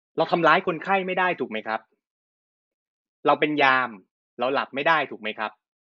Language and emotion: Thai, frustrated